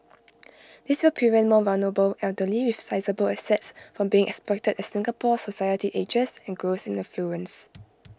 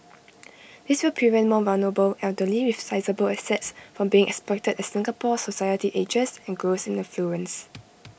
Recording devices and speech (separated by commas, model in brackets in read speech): close-talking microphone (WH20), boundary microphone (BM630), read sentence